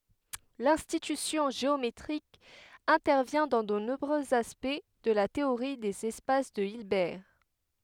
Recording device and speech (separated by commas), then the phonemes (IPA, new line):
headset microphone, read sentence
lɛ̃tyisjɔ̃ ʒeometʁik ɛ̃tɛʁvjɛ̃ dɑ̃ də nɔ̃bʁøz aspɛkt də la teoʁi dez ɛspas də ilbɛʁ